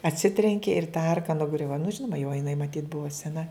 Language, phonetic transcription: Lithuanian, atˈsitrenki ir ta ˈarka nuˈgriuva nu ˈžinoma jau jiˈnai maˈtyt ˈbuva seˈna

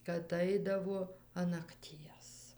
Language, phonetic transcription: Lithuanian, kad ˈaidavo an nakˈties

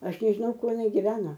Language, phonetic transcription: Lithuanian, ˈaš nežiˈnau ˈkuo jiˈnai giˈveno

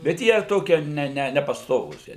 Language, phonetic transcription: Lithuanian, bet ˈjie ˈtokie ˈne ˈne nepasˈtovūs ˈjie

